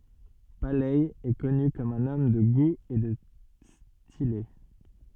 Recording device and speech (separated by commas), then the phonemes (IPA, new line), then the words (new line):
soft in-ear microphone, read sentence
palɛ ɛ kɔny kɔm œ̃n ɔm də ɡu e də stile
Paley est connu comme un homme de goût et de stylé.